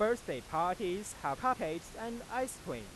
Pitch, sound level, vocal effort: 215 Hz, 96 dB SPL, loud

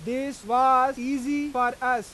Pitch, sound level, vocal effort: 255 Hz, 100 dB SPL, loud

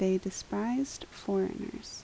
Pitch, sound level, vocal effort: 195 Hz, 73 dB SPL, soft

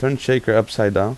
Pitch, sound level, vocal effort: 115 Hz, 86 dB SPL, normal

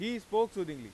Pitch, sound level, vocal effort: 210 Hz, 99 dB SPL, very loud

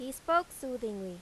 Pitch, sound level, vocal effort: 255 Hz, 92 dB SPL, loud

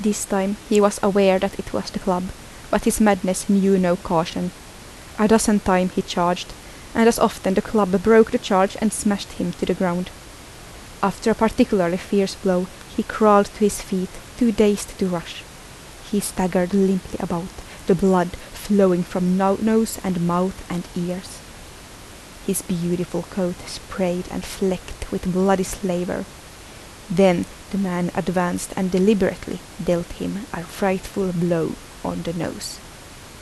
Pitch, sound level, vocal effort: 190 Hz, 76 dB SPL, soft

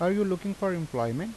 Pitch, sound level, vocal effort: 185 Hz, 85 dB SPL, normal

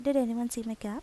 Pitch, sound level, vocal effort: 235 Hz, 80 dB SPL, soft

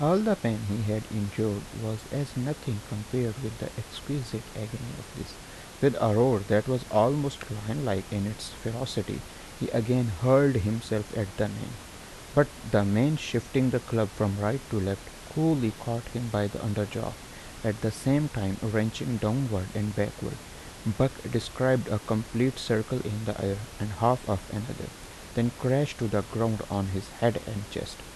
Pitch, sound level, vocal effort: 115 Hz, 78 dB SPL, normal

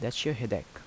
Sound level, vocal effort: 79 dB SPL, normal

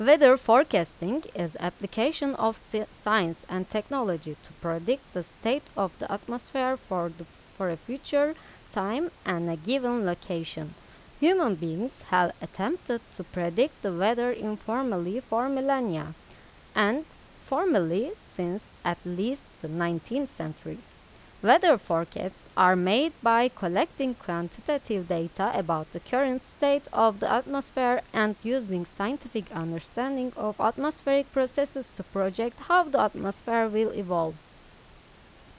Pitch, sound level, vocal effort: 220 Hz, 86 dB SPL, loud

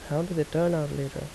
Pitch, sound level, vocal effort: 155 Hz, 77 dB SPL, soft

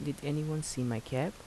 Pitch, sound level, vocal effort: 145 Hz, 77 dB SPL, soft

